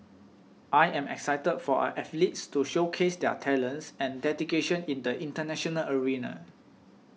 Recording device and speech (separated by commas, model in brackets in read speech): mobile phone (iPhone 6), read sentence